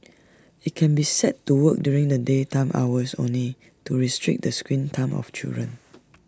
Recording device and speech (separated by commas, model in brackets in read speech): standing microphone (AKG C214), read sentence